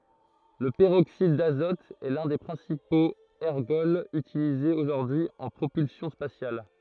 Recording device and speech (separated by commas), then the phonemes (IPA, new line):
throat microphone, read sentence
lə pəʁoksid dazɔt ɛ lœ̃ de pʁɛ̃sipoz ɛʁɡɔlz ytilizez oʒuʁdyi y ɑ̃ pʁopylsjɔ̃ spasjal